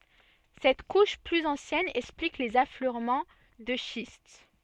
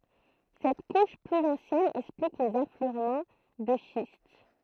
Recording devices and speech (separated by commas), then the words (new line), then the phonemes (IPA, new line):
soft in-ear microphone, throat microphone, read sentence
Cette couche plus ancienne explique les affleurements de schiste.
sɛt kuʃ plyz ɑ̃sjɛn ɛksplik lez afløʁmɑ̃ də ʃist